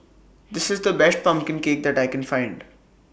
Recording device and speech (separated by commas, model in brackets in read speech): boundary microphone (BM630), read sentence